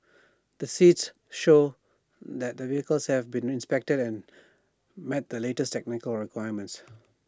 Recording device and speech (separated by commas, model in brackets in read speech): standing microphone (AKG C214), read sentence